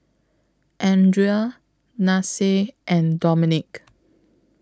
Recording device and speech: close-talking microphone (WH20), read sentence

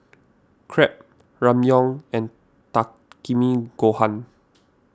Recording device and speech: standing microphone (AKG C214), read sentence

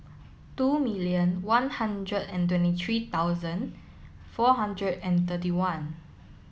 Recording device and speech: mobile phone (iPhone 7), read sentence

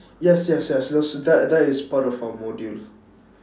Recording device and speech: standing microphone, conversation in separate rooms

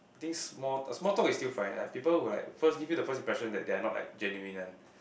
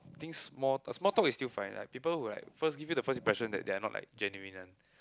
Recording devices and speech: boundary microphone, close-talking microphone, conversation in the same room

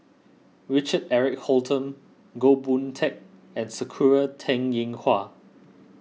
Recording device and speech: mobile phone (iPhone 6), read sentence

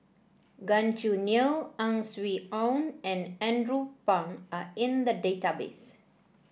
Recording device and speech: boundary microphone (BM630), read sentence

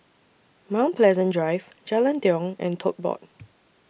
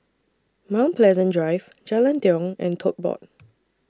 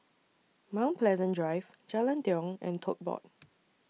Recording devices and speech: boundary microphone (BM630), standing microphone (AKG C214), mobile phone (iPhone 6), read sentence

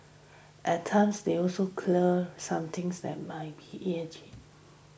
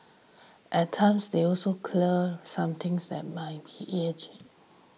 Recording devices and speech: boundary microphone (BM630), mobile phone (iPhone 6), read sentence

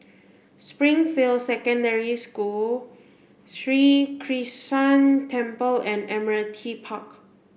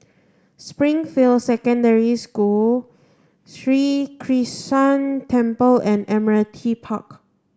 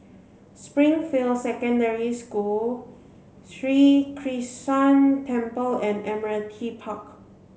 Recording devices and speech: boundary microphone (BM630), standing microphone (AKG C214), mobile phone (Samsung C7), read sentence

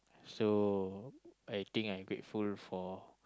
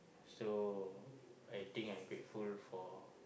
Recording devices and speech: close-talking microphone, boundary microphone, conversation in the same room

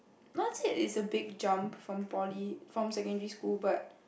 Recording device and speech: boundary microphone, conversation in the same room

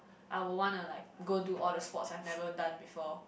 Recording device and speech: boundary microphone, conversation in the same room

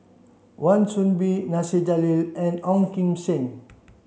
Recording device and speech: mobile phone (Samsung C7), read sentence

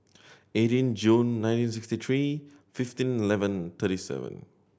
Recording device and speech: boundary microphone (BM630), read sentence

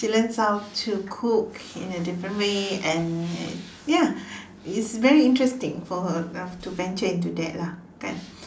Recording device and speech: standing microphone, conversation in separate rooms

